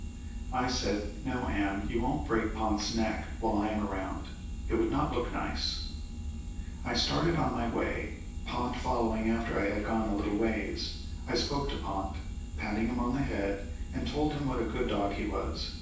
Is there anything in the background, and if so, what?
Nothing.